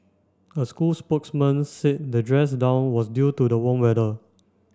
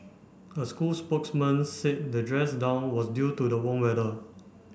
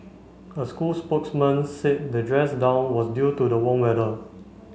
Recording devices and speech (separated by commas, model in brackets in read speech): standing microphone (AKG C214), boundary microphone (BM630), mobile phone (Samsung C5), read sentence